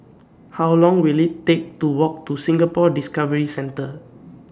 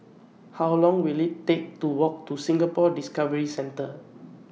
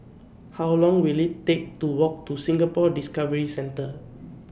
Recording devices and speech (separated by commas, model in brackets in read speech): standing microphone (AKG C214), mobile phone (iPhone 6), boundary microphone (BM630), read sentence